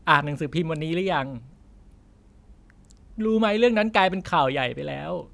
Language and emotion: Thai, sad